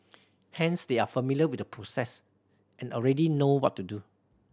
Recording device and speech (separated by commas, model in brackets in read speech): standing microphone (AKG C214), read sentence